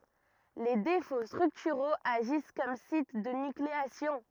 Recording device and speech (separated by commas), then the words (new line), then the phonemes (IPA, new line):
rigid in-ear microphone, read sentence
Les défauts structuraux agissent comme sites de nucléation.
le defo stʁyktyʁoz aʒis kɔm sit də nykleasjɔ̃